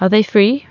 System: none